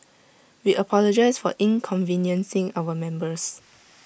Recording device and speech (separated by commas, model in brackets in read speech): boundary microphone (BM630), read sentence